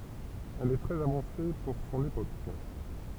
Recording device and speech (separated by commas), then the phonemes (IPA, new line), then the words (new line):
temple vibration pickup, read sentence
ɛl ɛ tʁɛz avɑ̃se puʁ sɔ̃n epok
Elle est très avancée pour son époque.